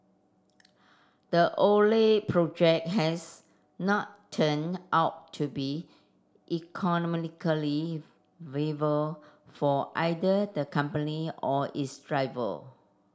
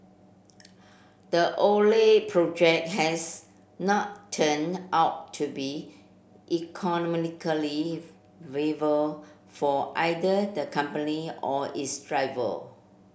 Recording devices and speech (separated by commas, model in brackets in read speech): standing microphone (AKG C214), boundary microphone (BM630), read sentence